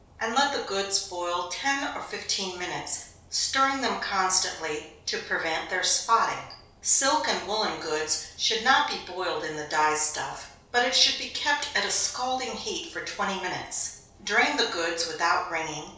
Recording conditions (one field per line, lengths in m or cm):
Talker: one person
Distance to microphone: 3.0 m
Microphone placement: far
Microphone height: 1.8 m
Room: small (3.7 m by 2.7 m)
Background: none